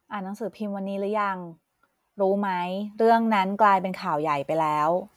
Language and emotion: Thai, neutral